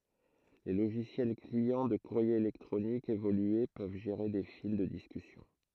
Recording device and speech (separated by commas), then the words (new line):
throat microphone, read sentence
Les logiciels clients de courrier électronique évolués peuvent gérer des fils de discussion.